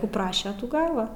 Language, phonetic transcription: Lithuanian, ˈkų ˈpraše ˈtų ˈgava

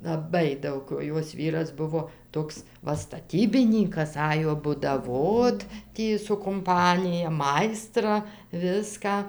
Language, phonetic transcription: Lithuanian, laˈbai ˈdaug o ˈjos ˈvyras ˈbuvo ˈtoks ˈva staˈtybinykas ˈajo budaˈvot ˈtį su kumˈpanija ˈmaistra ˈviską

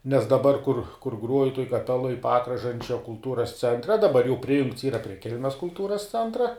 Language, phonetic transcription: Lithuanian, nes daˈbar kur kur ˈgruoju tuoj kaˈpeloj ˈpakražančia kulˈtūras ˈcentre daˈbar jau ˈprijungts ˈyra prie ˈkelmes kulˈtūras ˈcentra

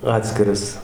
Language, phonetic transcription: Lithuanian, ˈatskiras

